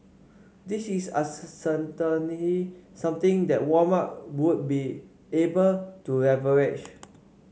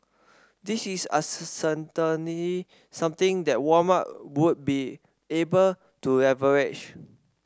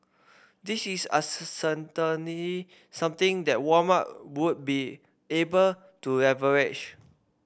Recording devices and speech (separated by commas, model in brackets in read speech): mobile phone (Samsung C5), standing microphone (AKG C214), boundary microphone (BM630), read sentence